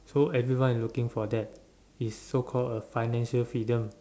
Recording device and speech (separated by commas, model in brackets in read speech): standing microphone, conversation in separate rooms